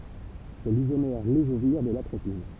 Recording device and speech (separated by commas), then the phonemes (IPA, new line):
temple vibration pickup, read sentence
sɛ lizomɛʁ levoʒiʁ də latʁopin